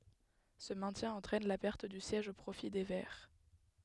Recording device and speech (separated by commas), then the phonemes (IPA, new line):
headset microphone, read sentence
sə mɛ̃tjɛ̃ ɑ̃tʁɛn la pɛʁt dy sjɛʒ o pʁofi de vɛʁ